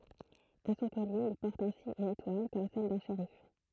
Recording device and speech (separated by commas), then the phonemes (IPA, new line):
throat microphone, read sentence
a sɔ̃ kɔlje il pɔʁt ɛ̃si yn etwal kɔm sɛl dœ̃ ʃeʁif